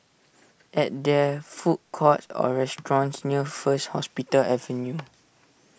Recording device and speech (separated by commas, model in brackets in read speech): boundary microphone (BM630), read sentence